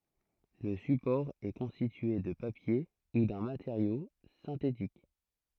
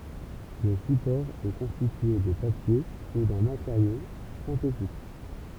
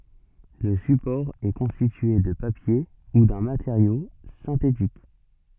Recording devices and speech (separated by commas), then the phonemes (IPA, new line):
throat microphone, temple vibration pickup, soft in-ear microphone, read sentence
lə sypɔʁ ɛ kɔ̃stitye də papje u dœ̃ mateʁjo sɛ̃tetik